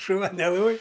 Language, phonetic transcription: Lithuanian, šuˈva neˈloj

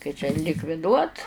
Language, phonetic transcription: Lithuanian, kai čia likviˈduot

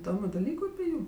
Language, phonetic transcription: Lithuanian, iˈdomiu daˈlyku api ˈjūm

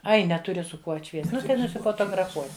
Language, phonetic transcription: Lithuanian, ˈai neˈturi su ˈkuo atˈšviest ˈnu tai nusifotograˈfuosi

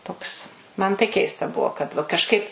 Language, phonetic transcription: Lithuanian, ˈtoks ˈman tai ˈkeista ˈbuo kad va kažˈkaip

